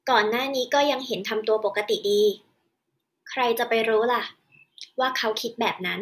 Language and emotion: Thai, neutral